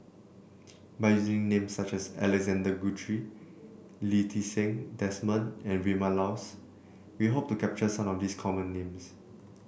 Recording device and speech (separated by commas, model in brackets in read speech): boundary microphone (BM630), read sentence